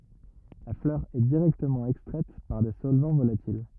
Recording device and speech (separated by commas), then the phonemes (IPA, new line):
rigid in-ear microphone, read sentence
la flœʁ ɛ diʁɛktəmɑ̃ ɛkstʁɛt paʁ de sɔlvɑ̃ volatil